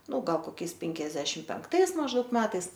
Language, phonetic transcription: Lithuanian, ˈnu ˈgal koˈkiais ˈpenkiasdešim penkˈtais mažˈdaug ˈmetais

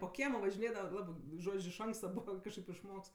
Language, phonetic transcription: Lithuanian, po ˈkiemo važiˈnėdava ˈlabɜ ˈžodž' iš ˈanksta ˈbūva kažˈkaip išˈmoks

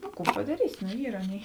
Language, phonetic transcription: Lithuanian, nu ˈkų padaˈrysi no ˈyr ˈaˌnėi

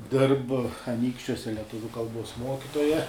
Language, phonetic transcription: Lithuanian, ˈdirb aˈnykščiuose leˈtuviu kalˈbuos ˈmokitoja

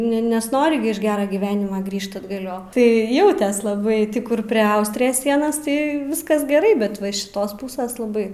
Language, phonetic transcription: Lithuanian, ne ˈne nesˈnori gi iš ˈgera gyˈvenima ˈgrįžt atgaˈlio tai ˈjautės laˈbai ˈtį ˈkur pre ˈaustrijas ˈsienas ˈtai ˈviskas geˈrai bet ˈva iš šiˈtos ˈpūses laˈbai

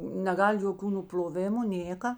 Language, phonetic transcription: Lithuanian, neˈgal' joˈkių nupl'oˈvimu ˈnėka

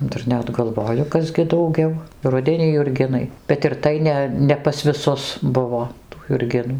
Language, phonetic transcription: Lithuanian, ˈdar ˈnet galˈvoju ˈkas gi dauˈgiau ˈrudenį jurˈginai bet ir ˈtai ne ˌne pas viˈsus ˈbuvo tų jurˈginų

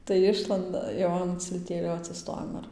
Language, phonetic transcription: Lithuanian, tai ˈišlanda jau ˌan cilˈtėlio atsiˈstojam ir

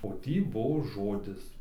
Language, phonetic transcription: Lithuanian, o ˈtį ˈbuo ˈžodis

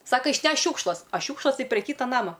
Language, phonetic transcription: Lithuanian, ˈsaka išˈnešk ˈšiūkšlas ˈa ˈšiūkšlas ˈtai pre ˈkyta ˈnama

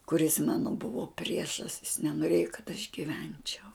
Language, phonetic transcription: Lithuanian, kuˈris ˈmano ˈbuvo ˈpriešas jis nenoˈrėjo kad aš giˈvenčiau

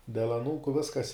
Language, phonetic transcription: Lithuanian, del aˈnūku ˈviskas

